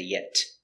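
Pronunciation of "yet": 'Yet' is pronounced the wrong way here: the final T is not said as a stop T.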